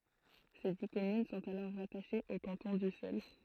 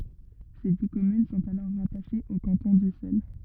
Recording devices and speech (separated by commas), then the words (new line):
throat microphone, rigid in-ear microphone, read sentence
Ses dix communes sont alors rattachées au canton d'Ussel.